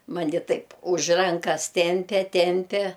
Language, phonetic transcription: Lithuanian, ˈmani ˈtaip už ˈrankas ˈtempe ˈtempe

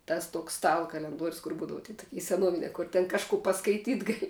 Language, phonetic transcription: Lithuanian, ˈtas ˈtuoks ˈstala kalenˈduorius kur ˈbūdava ty toˈki seˈnuovinia kur ten kažˈku paskaiˈtyt ˈgali

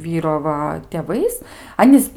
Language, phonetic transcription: Lithuanian, ˈvyro ˈva tėˈvais ˈanys

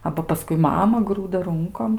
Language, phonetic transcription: Lithuanian, ˈaba paˈskui ˈmama ˈgrūda ˈrunkom

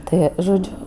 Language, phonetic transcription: Lithuanian, ˈtɜ žoˈdžiu

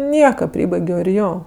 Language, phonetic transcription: Lithuanian, ˈnieka ˈprybaigio ir ˈjo

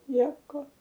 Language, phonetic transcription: Lithuanian, ˈnieko

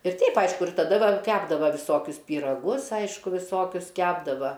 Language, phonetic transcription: Lithuanian, ir ˈteip ˈaišku ir taˈda ˈgal ˈkepdava viˈsokius pyraˈgus ˈaišku viˈsokius ˈkepdava

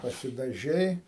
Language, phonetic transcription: Lithuanian, pasidaˈžei

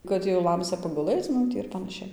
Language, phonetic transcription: Lithuanian, ˈkad jau ˈlamsia paguˈlɘc ˈmum tį ir panaˈšiai

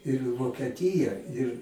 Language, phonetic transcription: Lithuanian, ir vokeˈtyja ir

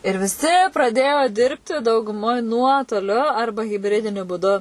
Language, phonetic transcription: Lithuanian, ir viˈsi praˈdėjo ˈdirbti dauguˈmoj ˈnuotoliu ˈarba hibˈridiniu būˈdu

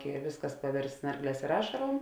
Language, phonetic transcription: Lithuanian, i ˈvisˌkas paˈvirst ˈsnarˌglēs ir ˈašarom

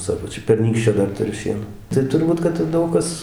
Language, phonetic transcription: Lithuanian, ˈsako ˈčia perˈnykščio ˈdar tuˈriu ˈšieno tai turˈbūt kad ˈdaug kas

